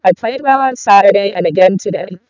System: VC, vocoder